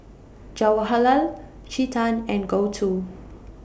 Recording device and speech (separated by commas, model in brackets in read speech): boundary microphone (BM630), read sentence